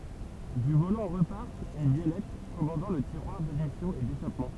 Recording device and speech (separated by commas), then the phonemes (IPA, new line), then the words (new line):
temple vibration pickup, read sentence
dy volɑ̃ ʁəpaʁ yn bjɛlɛt kɔmɑ̃dɑ̃ lə tiʁwaʁ dadmisjɔ̃ e deʃapmɑ̃
Du volant repart une biellette commandant le tiroir d'admission et d'échappement.